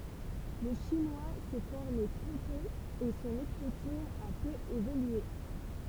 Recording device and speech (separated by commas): temple vibration pickup, read sentence